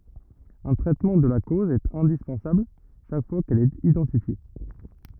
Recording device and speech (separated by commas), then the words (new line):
rigid in-ear microphone, read sentence
Un traitement de la cause est indispensable chaque fois qu'elle est identifiée.